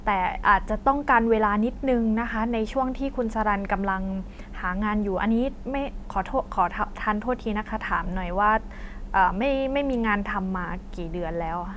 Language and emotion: Thai, frustrated